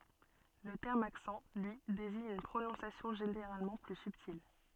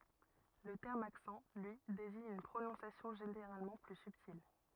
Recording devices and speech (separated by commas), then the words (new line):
soft in-ear microphone, rigid in-ear microphone, read sentence
Le terme accent, lui, désigne une prononciation généralement plus subtile.